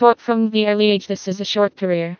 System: TTS, vocoder